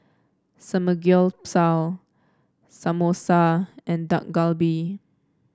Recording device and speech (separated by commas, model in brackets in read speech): standing microphone (AKG C214), read sentence